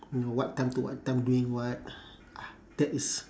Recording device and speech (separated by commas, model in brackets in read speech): standing microphone, conversation in separate rooms